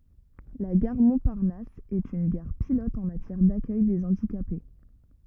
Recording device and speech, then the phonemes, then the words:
rigid in-ear microphone, read sentence
la ɡaʁ mɔ̃paʁnas ɛt yn ɡaʁ pilɔt ɑ̃ matjɛʁ dakœj de ɑ̃dikape
La gare Montparnasse est une gare pilote en matière d’accueil des handicapés.

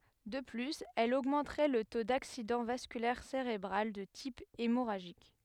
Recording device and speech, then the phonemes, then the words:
headset microphone, read sentence
də plyz ɛl oɡmɑ̃tʁɛ lə to daksidɑ̃ vaskylɛʁ seʁebʁal də tip emoʁaʒik
De plus, elle augmenterait le taux d'accident vasculaire cérébral de type hémorragique.

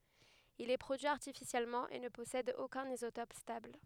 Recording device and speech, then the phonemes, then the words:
headset microphone, read sentence
il ɛ pʁodyi aʁtifisjɛlmɑ̃ e nə pɔsɛd okœ̃n izotɔp stabl
Il est produit artificiellement et ne possède aucun isotope stable.

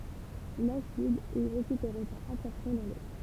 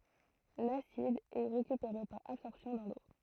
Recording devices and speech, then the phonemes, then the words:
temple vibration pickup, throat microphone, read sentence
lasid ɛ ʁekypeʁe paʁ absɔʁpsjɔ̃ dɑ̃ lo
L'acide est récupéré par absorption dans l'eau.

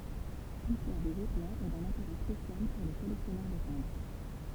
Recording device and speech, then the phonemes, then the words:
temple vibration pickup, read sentence
listwaʁ de zɛplɛ̃z ɛ dœ̃n ɛ̃teʁɛ spesjal puʁ le kɔlɛksjɔnœʁ də tɛ̃bʁ
L'histoire des zeppelins est d'un intérêt spécial pour les collectionneurs de timbres.

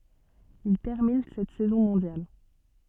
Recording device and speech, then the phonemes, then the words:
soft in-ear microphone, read sentence
il tɛʁmin sɛt sɛzɔ̃ mɔ̃djal
Il termine cette saison mondial.

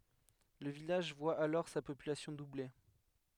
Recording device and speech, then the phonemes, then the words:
headset microphone, read sentence
lə vilaʒ vwa alɔʁ sa popylasjɔ̃ duble
Le village voit alors sa population doubler.

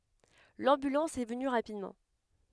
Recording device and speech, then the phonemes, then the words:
headset microphone, read sentence
lɑ̃bylɑ̃s ɛ vəny ʁapidmɑ̃
L'ambulance est venue rapidement.

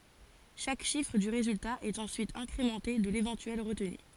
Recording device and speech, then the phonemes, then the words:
forehead accelerometer, read sentence
ʃak ʃifʁ dy ʁezylta ɛt ɑ̃syit ɛ̃kʁemɑ̃te də levɑ̃tyɛl ʁətny
Chaque chiffre du résultat est ensuite incrémenté de l'éventuelle retenue.

